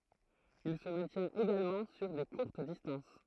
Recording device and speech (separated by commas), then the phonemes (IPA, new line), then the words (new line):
throat microphone, read sentence
il sə mɛ̃tjɛ̃t eɡalmɑ̃ syʁ de kuʁt distɑ̃s
Il se maintient également sur des courtes distances.